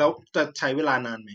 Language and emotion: Thai, neutral